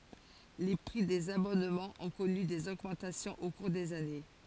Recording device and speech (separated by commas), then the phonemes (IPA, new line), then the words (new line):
forehead accelerometer, read sentence
le pʁi dez abɔnmɑ̃z ɔ̃ kɔny dez oɡmɑ̃tasjɔ̃z o kuʁ dez ane
Les prix des abonnements ont connu des augmentations au cours des années.